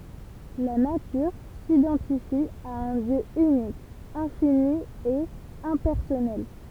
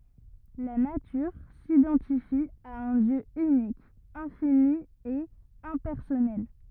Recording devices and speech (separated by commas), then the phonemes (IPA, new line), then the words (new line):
temple vibration pickup, rigid in-ear microphone, read sentence
la natyʁ sidɑ̃tifi a œ̃ djø ynik ɛ̃fini e ɛ̃pɛʁsɔnɛl
La Nature s'identifie à un Dieu unique, infini et impersonnel.